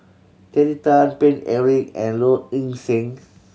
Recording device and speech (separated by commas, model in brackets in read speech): mobile phone (Samsung C7100), read sentence